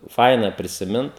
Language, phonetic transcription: Lithuanian, ˈfaina prisiˈmint

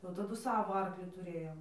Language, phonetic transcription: Lithuanian, jau taˈdu ˈsavo ˈarkli tuˈrėjom

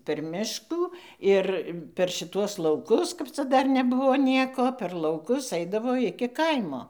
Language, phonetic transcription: Lithuanian, per ˈmiškų ˈir per šiˈtuos lauˈkus kap ˈca ˈdar neˈbuvo ˈnieko per lauˈkus ˈaidavo ˈiki ˈkaimo

